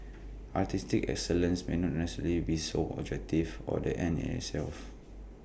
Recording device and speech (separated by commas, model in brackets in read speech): boundary microphone (BM630), read sentence